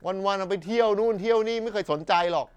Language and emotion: Thai, frustrated